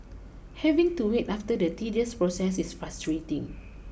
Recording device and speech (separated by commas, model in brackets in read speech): boundary microphone (BM630), read sentence